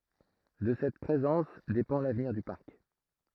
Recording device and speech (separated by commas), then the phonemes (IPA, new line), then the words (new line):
throat microphone, read sentence
də sɛt pʁezɑ̃s depɑ̃ lavniʁ dy paʁk
De cette présence dépend l’avenir du Parc.